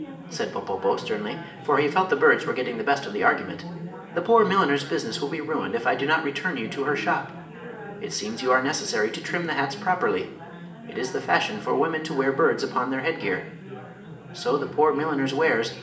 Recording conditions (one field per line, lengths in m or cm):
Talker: one person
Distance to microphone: 1.8 m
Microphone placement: close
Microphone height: 1.0 m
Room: large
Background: babble